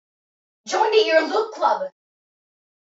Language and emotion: English, angry